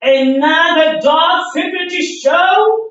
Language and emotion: English, disgusted